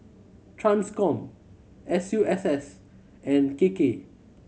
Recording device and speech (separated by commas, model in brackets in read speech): mobile phone (Samsung C7100), read sentence